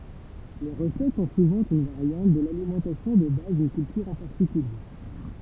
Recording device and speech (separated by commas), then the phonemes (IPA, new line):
temple vibration pickup, read sentence
le ʁəsɛt sɔ̃ suvɑ̃ yn vaʁjɑ̃t də lalimɑ̃tasjɔ̃ də baz dyn kyltyʁ ɑ̃ paʁtikylje